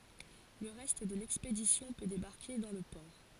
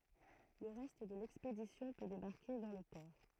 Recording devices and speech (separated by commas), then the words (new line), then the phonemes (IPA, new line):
forehead accelerometer, throat microphone, read sentence
Le reste de l'expédition peut débarquer dans le port.
lə ʁɛst də lɛkspedisjɔ̃ pø debaʁke dɑ̃ lə pɔʁ